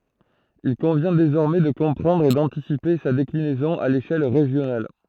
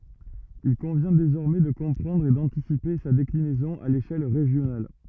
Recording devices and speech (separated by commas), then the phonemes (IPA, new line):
throat microphone, rigid in-ear microphone, read sentence
il kɔ̃vjɛ̃ dezɔʁmɛ də kɔ̃pʁɑ̃dʁ e dɑ̃tisipe sa deklinɛzɔ̃ a leʃɛl ʁeʒjonal